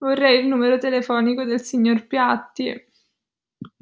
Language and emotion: Italian, sad